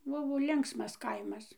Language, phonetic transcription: Lithuanian, ˈbuvo ˈlinksmas ˈkaimas

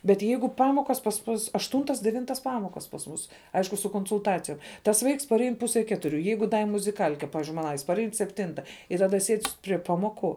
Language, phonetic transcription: Lithuanian, bet ˈjeigu ˈpamokas pas ˈmus ašˈtūntas deˈvintas ˈpamokas pas ˈmūs ˈaišku su konsulˈtacijom tas ˈvaiks parˈein ˈpuse ˈketuriu ˈjeigu da i muziˈkal'ke ˈpavizdžiui ˈmana parˈein sepˈtinta i taˈda sied' prie ˈpamoˌku

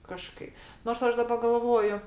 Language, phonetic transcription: Lithuanian, kaˈžkai nors ˈaš daˈba galˈvoju

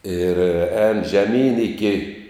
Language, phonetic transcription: Lithuanian, ir ēn žeˈmyn iˈki

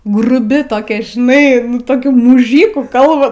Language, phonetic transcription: Lithuanian, gruˈbi toˈkia žiˈnai toˈkių muˈžykų ˈkalba

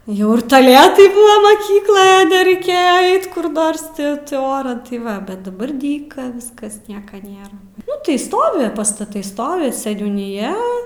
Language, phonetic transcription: Lithuanian, ˈjau ir taˈletai ˈbūva maˈkykloj nereiˈkėja ˈait kur ˈnors ˈti ti ˈoran tai ˈva bet daˈbar ˈdyka ˈviskas ˈnieka ˈnėra ˈnu tai ˈstovi pastaˈtai ˈstovi seniūniˈja

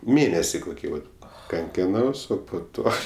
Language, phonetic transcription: Lithuanian, ˈmėnesi koˈkį vat kanˈkinaus ˈo po ˈto

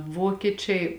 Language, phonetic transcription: Lithuanian, ˈvokieˌčiai

